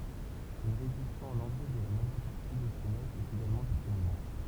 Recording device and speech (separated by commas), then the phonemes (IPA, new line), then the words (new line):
temple vibration pickup, read sentence
yn ʁeedisjɔ̃ ɑ̃n ɑ̃ɡlɛ də la maʒœʁ paʁti də se notz ɛt eɡalmɑ̃ disponibl
Une réédition en anglais de la majeure partie de ces notes est également disponible.